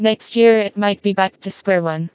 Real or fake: fake